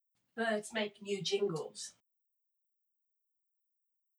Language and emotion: English, neutral